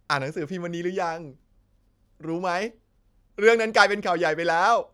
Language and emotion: Thai, happy